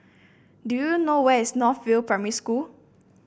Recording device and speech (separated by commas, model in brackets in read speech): boundary microphone (BM630), read sentence